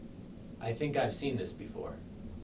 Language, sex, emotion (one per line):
English
male
neutral